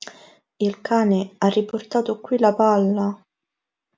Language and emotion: Italian, sad